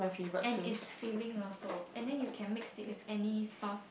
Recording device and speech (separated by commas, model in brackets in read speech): boundary microphone, conversation in the same room